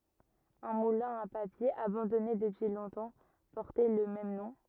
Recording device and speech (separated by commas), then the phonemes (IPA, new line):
rigid in-ear microphone, read sentence
œ̃ mulɛ̃ a papje abɑ̃dɔne dəpyi lɔ̃tɑ̃ pɔʁtɛ lə mɛm nɔ̃